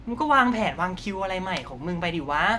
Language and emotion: Thai, frustrated